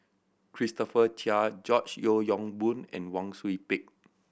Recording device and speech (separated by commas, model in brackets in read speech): boundary microphone (BM630), read sentence